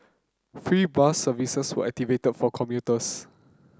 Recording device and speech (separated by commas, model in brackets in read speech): close-talking microphone (WH30), read sentence